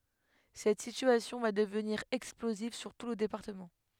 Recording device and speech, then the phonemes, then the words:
headset microphone, read sentence
sɛt sityasjɔ̃ va dəvniʁ ɛksploziv syʁ tu lə depaʁtəmɑ̃
Cette situation va devenir explosive sur tout le département.

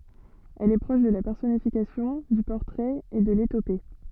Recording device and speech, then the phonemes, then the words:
soft in-ear microphone, read sentence
ɛl ɛ pʁɔʃ də la pɛʁsɔnifikasjɔ̃ dy pɔʁtʁɛt e də letope
Elle est proche de la personnification, du portrait et de l'éthopée.

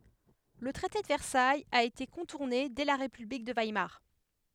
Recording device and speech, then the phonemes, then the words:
headset microphone, read sentence
lə tʁɛte də vɛʁsajz a ete kɔ̃tuʁne dɛ la ʁepyblik də vajmaʁ
Le traité de Versailles a été contourné dès la république de Weimar.

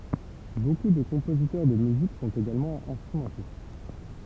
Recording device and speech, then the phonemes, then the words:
temple vibration pickup, read sentence
boku də kɔ̃pozitœʁ də myzik sɔ̃t eɡalmɑ̃ ɛ̃stʁymɑ̃tist
Beaucoup de compositeurs de musique sont également instrumentistes.

